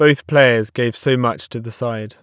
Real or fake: real